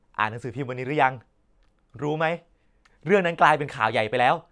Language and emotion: Thai, happy